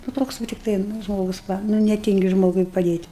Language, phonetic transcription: Lithuanian, nu ˈtoks va tikˈtai nu ˈžmogus ˈva nu neˈtingi ˈžmogui paˈdėt'

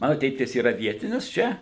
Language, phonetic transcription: Lithuanian, ˈmanu ˈtėtis yˈra ˈvietinis ˈčia

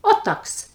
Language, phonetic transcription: Lithuanian, o ˈtaks

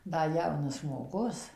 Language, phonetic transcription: Lithuanian, ˈda ˈjaunas žmoˈgus

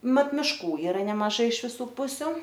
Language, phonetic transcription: Lithuanian, ˈmat miˈškų ˈyra nemaˈžai iš viˈsų ˈpusiu

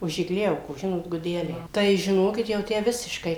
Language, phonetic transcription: Lithuanian, už igˈliaukos ˈžinot guˈdeliai ˈtai ˈžinokit jau ˈtę ˈvisiškai

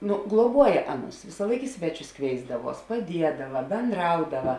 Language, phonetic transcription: Lithuanian, ˈnu gluoˈbuoja ˈaˌnus visąˈlaik i ˈsveˌčius ˈkvėisdaˌvuos paˈdiedava benˈdraudava

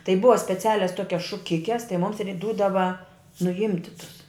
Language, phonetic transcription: Lithuanian, tai ˈbuva speˈcialias ˈtokias šuˈkikes tai mums ir' ˈdūdava nuˈimti tus

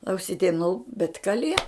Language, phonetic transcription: Lithuanian, auˈsytem nu bet kaˈlie

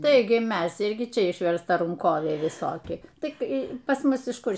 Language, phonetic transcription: Lithuanian, ˈtaigi ˈmes ˈirgi ˈčia išverstaˈrankoviai viˈsoki ˈtik pas ˈmus iš ˈkur

